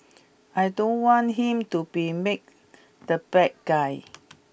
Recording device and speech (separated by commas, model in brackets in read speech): boundary microphone (BM630), read sentence